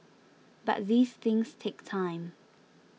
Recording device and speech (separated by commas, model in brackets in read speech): mobile phone (iPhone 6), read sentence